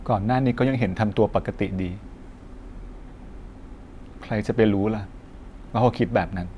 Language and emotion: Thai, frustrated